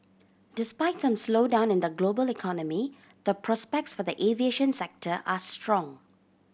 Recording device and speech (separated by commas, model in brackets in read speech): boundary microphone (BM630), read sentence